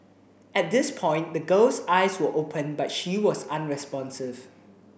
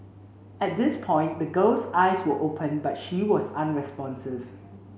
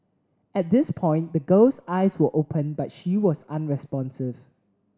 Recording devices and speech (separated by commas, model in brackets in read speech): boundary microphone (BM630), mobile phone (Samsung C7), standing microphone (AKG C214), read sentence